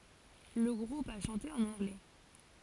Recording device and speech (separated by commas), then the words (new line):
forehead accelerometer, read sentence
Le groupe a chanté en anglais.